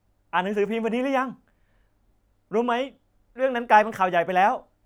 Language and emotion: Thai, happy